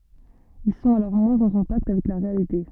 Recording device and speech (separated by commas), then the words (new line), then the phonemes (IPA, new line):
soft in-ear microphone, read sentence
Ils sont alors moins en contact avec la réalité.
il sɔ̃t alɔʁ mwɛ̃z ɑ̃ kɔ̃takt avɛk la ʁealite